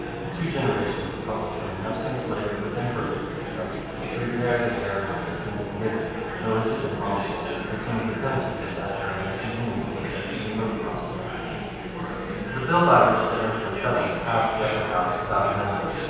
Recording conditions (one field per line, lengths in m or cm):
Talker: one person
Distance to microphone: 7.1 m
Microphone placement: far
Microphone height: 1.7 m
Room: very reverberant, large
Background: babble